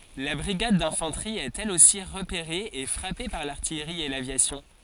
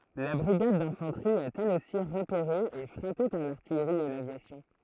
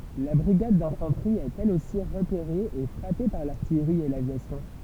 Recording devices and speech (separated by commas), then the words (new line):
forehead accelerometer, throat microphone, temple vibration pickup, read sentence
La brigade d'infanterie est elle aussi repérée et frappée par l'artillerie et l'aviation.